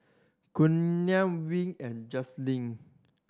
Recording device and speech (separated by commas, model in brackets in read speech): standing microphone (AKG C214), read sentence